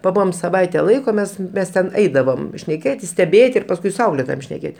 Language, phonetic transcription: Lithuanian, paˈbuvom saˈvaite ˈlaiko ˈmes ten mes ten ˈeidavom šneˈkėtis steˈbėti ir pasˈkui su ˈauklėtojom šneˈkėt'

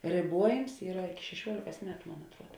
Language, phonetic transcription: Lithuanian, rėˈbuojims ˈyra šeˈšiuolėkas ˈmetu ˈmon atˈruod

